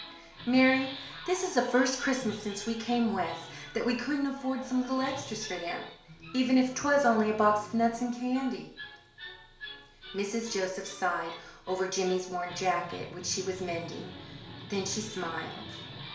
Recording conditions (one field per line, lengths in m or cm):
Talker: one person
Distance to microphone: 1.0 m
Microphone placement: close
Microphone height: 1.1 m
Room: small (3.7 m by 2.7 m)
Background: television